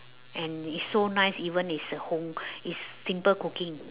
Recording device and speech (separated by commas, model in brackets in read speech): telephone, conversation in separate rooms